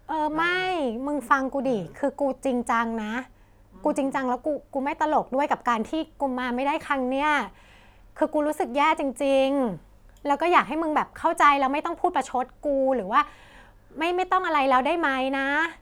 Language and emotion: Thai, frustrated